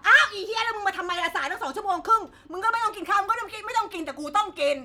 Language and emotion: Thai, angry